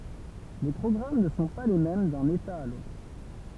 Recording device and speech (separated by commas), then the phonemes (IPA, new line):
temple vibration pickup, read sentence
le pʁɔɡʁam nə sɔ̃ pa le mɛm dœ̃n eta a lotʁ